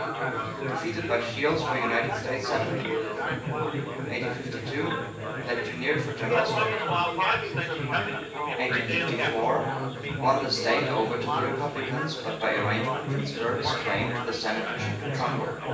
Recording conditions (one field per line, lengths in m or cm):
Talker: one person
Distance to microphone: 9.8 m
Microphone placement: far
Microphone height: 1.8 m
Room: large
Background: babble